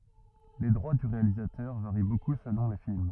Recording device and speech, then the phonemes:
rigid in-ear microphone, read sentence
le dʁwa dy ʁealizatœʁ vaʁi boku səlɔ̃ le film

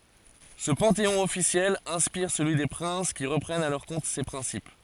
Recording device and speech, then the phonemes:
forehead accelerometer, read sentence
sə pɑ̃teɔ̃ ɔfisjɛl ɛ̃spiʁ səlyi de pʁɛ̃s ki ʁəpʁɛnt a lœʁ kɔ̃t se pʁɛ̃sip

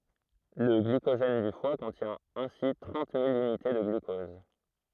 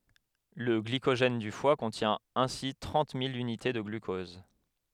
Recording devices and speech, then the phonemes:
throat microphone, headset microphone, read sentence
lə ɡlikoʒɛn dy fwa kɔ̃tjɛ̃ ɛ̃si tʁɑ̃t mil ynite də ɡlykɔz

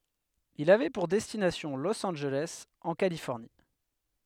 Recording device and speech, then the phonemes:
headset microphone, read sentence
il avɛ puʁ dɛstinasjɔ̃ los ɑ̃nʒelɛs ɑ̃ kalifɔʁni

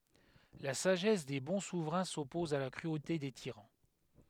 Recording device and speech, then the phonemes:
headset microphone, read sentence
la saʒɛs de bɔ̃ suvʁɛ̃ sɔpɔz a la kʁyote de tiʁɑ̃

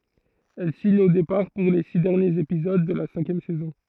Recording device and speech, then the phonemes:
throat microphone, read sentence
ɛl siɲ o depaʁ puʁ le si dɛʁnjez epizod də la sɛ̃kjɛm sɛzɔ̃

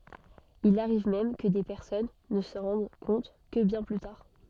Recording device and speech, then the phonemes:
soft in-ear microphone, read sentence
il aʁiv mɛm kə de pɛʁsɔn nə sɑ̃ ʁɑ̃d kɔ̃t kə bjɛ̃ ply taʁ

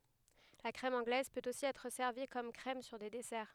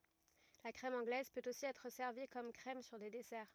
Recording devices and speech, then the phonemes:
headset microphone, rigid in-ear microphone, read sentence
la kʁɛm ɑ̃ɡlɛz pøt osi ɛtʁ sɛʁvi kɔm kʁɛm syʁ de dɛsɛʁ

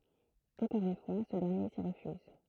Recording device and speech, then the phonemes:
throat microphone, read sentence
ɑ̃kɔʁ yn fwa sə dɛʁnje si ʁəfyz

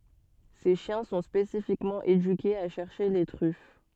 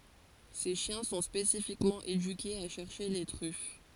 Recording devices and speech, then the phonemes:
soft in-ear microphone, forehead accelerometer, read sentence
se ʃjɛ̃ sɔ̃ spesifikmɑ̃ edykez a ʃɛʁʃe le tʁyf

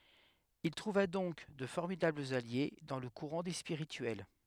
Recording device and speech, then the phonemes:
headset microphone, read sentence
il tʁuva dɔ̃k də fɔʁmidablz alje dɑ̃ lə kuʁɑ̃ de spiʁityɛl

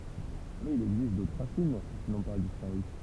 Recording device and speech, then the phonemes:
temple vibration pickup, read sentence
mɛz il ɛɡzist dotʁ ʁasin ki nɔ̃ pa dispaʁy

